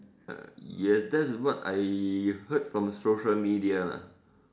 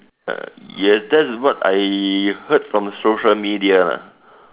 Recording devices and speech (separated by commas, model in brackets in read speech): standing microphone, telephone, conversation in separate rooms